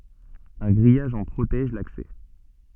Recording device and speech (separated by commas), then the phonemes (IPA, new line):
soft in-ear microphone, read sentence
œ̃ ɡʁijaʒ ɑ̃ pʁotɛʒ laksɛ